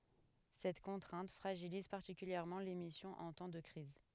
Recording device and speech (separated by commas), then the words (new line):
headset microphone, read sentence
Cette contrainte fragilise particulièrement l’émission en temps de crise.